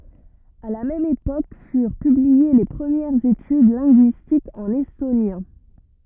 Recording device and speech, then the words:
rigid in-ear microphone, read sentence
À la même époque furent publiées les premières études linguistiques en estonien.

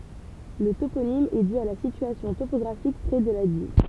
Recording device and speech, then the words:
temple vibration pickup, read sentence
Le toponyme est dû à la situation topographique près de la Dives.

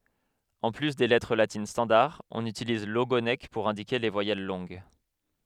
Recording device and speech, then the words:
headset microphone, read sentence
En plus des lettres latines standard, on utilise l'ogonek pour indiquer les voyelles longues.

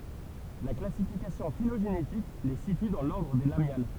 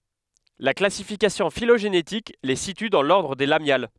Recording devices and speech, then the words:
temple vibration pickup, headset microphone, read sentence
La classification phylogénétique les situe dans l'ordre des Lamiales.

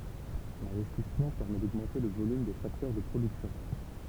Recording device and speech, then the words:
temple vibration pickup, read sentence
L'investissement permet d'augmenter le volume des facteurs de production.

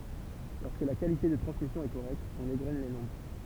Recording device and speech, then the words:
temple vibration pickup, read sentence
Lorsque la qualité de transmission est correcte, on égrène les nombres.

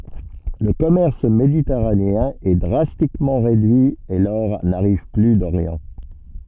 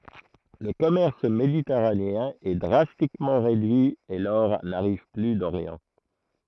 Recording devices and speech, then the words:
soft in-ear microphone, throat microphone, read sentence
Le commerce méditerranéen est drastiquement réduit et l'or n'arrive plus d'Orient.

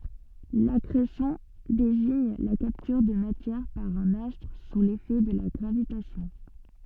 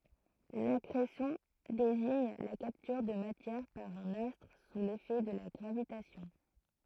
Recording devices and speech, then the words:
soft in-ear microphone, throat microphone, read sentence
L'accrétion désigne la capture de matière par un astre sous l'effet de la gravitation.

